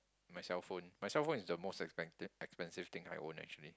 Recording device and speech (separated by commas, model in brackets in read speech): close-talking microphone, conversation in the same room